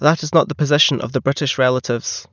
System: none